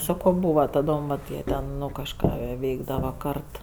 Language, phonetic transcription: Lithuanian, ˈsako ˈbūva taˈdom vat ˈjie ten ˈnu kažˈką ˈveikdava ˈkart

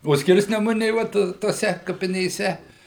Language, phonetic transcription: Lithuanian, o ˈskirsnemunė ˈvat toˈse kapinėˈse

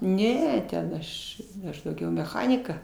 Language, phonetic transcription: Lithuanian, ˈne ten ˈaš ˈaš dauˈgiau meˈchanika

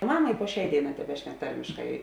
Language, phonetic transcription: Lithuanian, ˈmama i puo ˈšiai ˈdėiˌnā teˈbešnek ˈtarmiškai

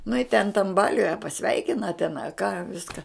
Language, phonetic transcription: Lithuanian, nu i ten tam ˈbaliuj a paˈsveikina ten a ką ˈviska

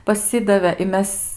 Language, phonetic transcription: Lithuanian, paˈsidavė i ˈmes

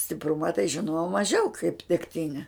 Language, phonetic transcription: Lithuanian, stipˈruma tai žiˈnojau maˈžiau kaip degˈtine

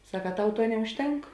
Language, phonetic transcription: Lithuanian, ˈsak a ˈtau ˈtuo neužˈtenk

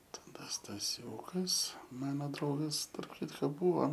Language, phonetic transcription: Lithuanian, taˈda staˈsiūkas ˈmano ˈdraugas tarp ˈkitko ˈbūvo

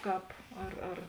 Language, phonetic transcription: Lithuanian, ˈkāp ar ar

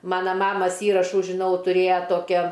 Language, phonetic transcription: Lithuanian, ˈmana ˈmamas ˈįrašų žiˈnau tuˈrėja ˈtokia

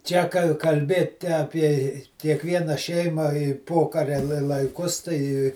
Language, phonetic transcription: Lithuanian, ˈčia ka kalˈbėti apie i kiekˈviena ˈšeima i ˈpokaria la laiˈkus tai

